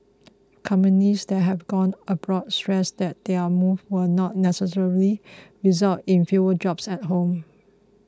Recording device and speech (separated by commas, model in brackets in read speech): close-talking microphone (WH20), read sentence